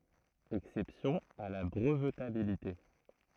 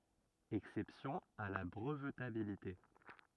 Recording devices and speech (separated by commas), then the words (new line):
throat microphone, rigid in-ear microphone, read sentence
Exceptions à la brevetabilité.